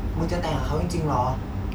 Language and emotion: Thai, frustrated